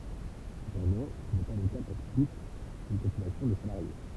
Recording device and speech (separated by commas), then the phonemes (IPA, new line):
temple vibration pickup, read sentence
səpɑ̃dɑ̃ sə nɛ pa lə ka puʁ tut yn popylasjɔ̃ də salaʁje